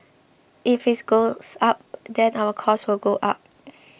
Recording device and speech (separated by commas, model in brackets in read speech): boundary microphone (BM630), read sentence